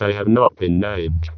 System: VC, vocoder